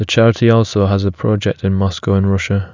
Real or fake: real